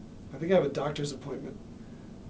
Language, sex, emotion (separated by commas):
English, male, neutral